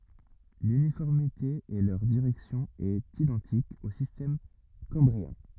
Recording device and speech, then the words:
rigid in-ear microphone, read sentence
L'uniformité et leur direction est identique au système cambrien.

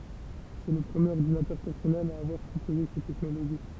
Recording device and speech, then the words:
temple vibration pickup, read sentence
C'est le premier ordinateur personnel à avoir proposé cette technologie.

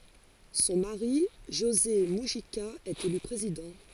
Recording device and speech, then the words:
forehead accelerometer, read sentence
Son mari, José Mujica, est élu président.

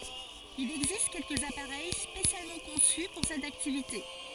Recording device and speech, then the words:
forehead accelerometer, read sentence
Il existe quelques appareils spécialement conçus pour cette activité.

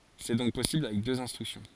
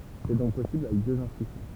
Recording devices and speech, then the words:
forehead accelerometer, temple vibration pickup, read sentence
C'est donc possible avec deux instructions.

